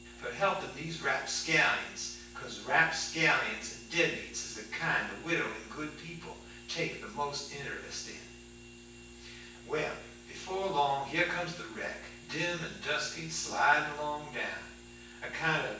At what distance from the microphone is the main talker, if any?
9.8 m.